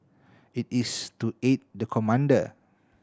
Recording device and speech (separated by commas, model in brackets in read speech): standing microphone (AKG C214), read sentence